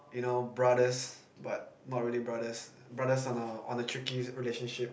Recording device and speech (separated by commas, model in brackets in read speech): boundary microphone, conversation in the same room